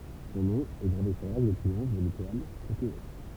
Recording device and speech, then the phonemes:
temple vibration pickup, read sentence
sɔ̃ nɔ̃ ɛ ɡʁave syʁ laʁk də tʁiɔ̃f də letwal kote ɛ

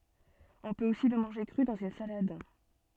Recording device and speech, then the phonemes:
soft in-ear microphone, read sentence
ɔ̃ pøt osi lə mɑ̃ʒe kʁy dɑ̃z yn salad

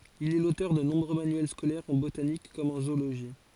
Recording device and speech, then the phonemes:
forehead accelerometer, read sentence
il ɛ lotœʁ də nɔ̃bʁø manyɛl skolɛʁz ɑ̃ botanik kɔm ɑ̃ zooloʒi

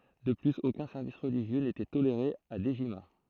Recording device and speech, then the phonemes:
throat microphone, read sentence
də plyz okœ̃ sɛʁvis ʁəliʒjø netɛ toleʁe a dəʒima

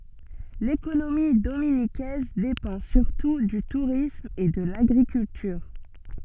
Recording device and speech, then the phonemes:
soft in-ear microphone, read sentence
lekonomi dominikɛz depɑ̃ syʁtu dy tuʁism e də laɡʁikyltyʁ

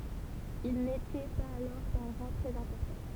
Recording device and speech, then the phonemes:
temple vibration pickup, read sentence
il netɛ paz alɔʁ dœ̃ ʁɑ̃ tʁɛz ɛ̃pɔʁtɑ̃

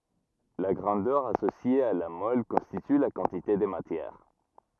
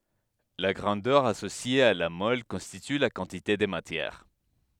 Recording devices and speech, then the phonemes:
rigid in-ear microphone, headset microphone, read sentence
la ɡʁɑ̃dœʁ asosje a la mɔl kɔ̃stity la kɑ̃tite də matjɛʁ

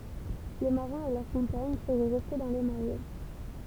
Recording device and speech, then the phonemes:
temple vibration pickup, read sentence
le maʁɛ̃z e lœʁ kɔ̃paɲ səʁɛ ʁɛste dɑ̃ le maʁɛ

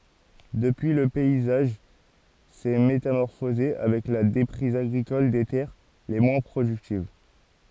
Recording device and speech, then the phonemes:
forehead accelerometer, read sentence
dəpyi lə pɛizaʒ sɛ metamɔʁfoze avɛk la depʁiz aɡʁikɔl de tɛʁ le mwɛ̃ pʁodyktiv

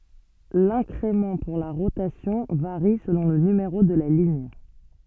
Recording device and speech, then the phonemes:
soft in-ear microphone, read sentence
lɛ̃kʁemɑ̃ puʁ la ʁotasjɔ̃ vaʁi səlɔ̃ lə nymeʁo də la liɲ

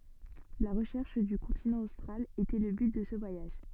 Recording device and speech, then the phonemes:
soft in-ear microphone, read sentence
la ʁəʃɛʁʃ dy kɔ̃tinɑ̃ ostʁal etɛ lə byt də sə vwajaʒ

